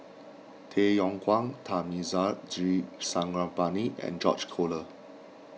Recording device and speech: mobile phone (iPhone 6), read sentence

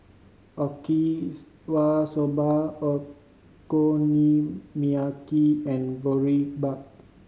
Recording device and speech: mobile phone (Samsung C5010), read sentence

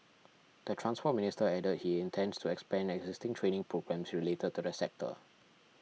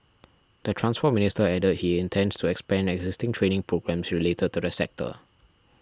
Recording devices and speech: mobile phone (iPhone 6), standing microphone (AKG C214), read sentence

